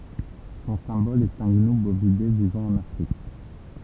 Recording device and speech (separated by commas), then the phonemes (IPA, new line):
temple vibration pickup, read sentence
sɔ̃ sɛ̃bɔl ɛt œ̃ ɡnu bovide vivɑ̃ ɑ̃n afʁik